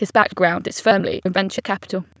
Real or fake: fake